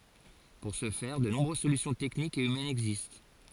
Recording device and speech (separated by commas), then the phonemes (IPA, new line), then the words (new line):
forehead accelerometer, read sentence
puʁ sə fɛʁ də nɔ̃bʁøz solysjɔ̃ tɛknikz e ymɛnz ɛɡzist
Pour ce faire, de nombreuses solutions techniques et humaines existent.